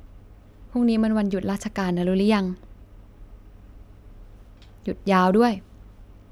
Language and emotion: Thai, neutral